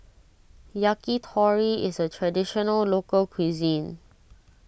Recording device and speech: boundary microphone (BM630), read sentence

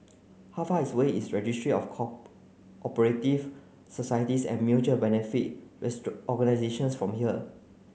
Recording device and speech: mobile phone (Samsung C9), read sentence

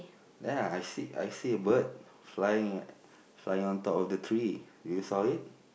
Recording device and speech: boundary microphone, conversation in the same room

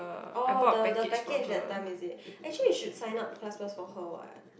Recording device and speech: boundary microphone, conversation in the same room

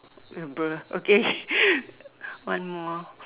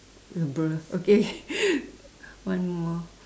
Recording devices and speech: telephone, standing microphone, conversation in separate rooms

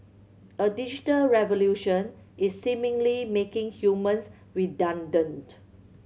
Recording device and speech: mobile phone (Samsung C7100), read sentence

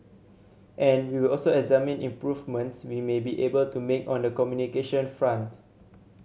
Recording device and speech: mobile phone (Samsung C7100), read sentence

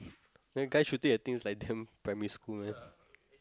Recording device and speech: close-talking microphone, conversation in the same room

